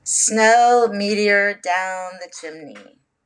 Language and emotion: English, disgusted